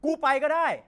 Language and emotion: Thai, angry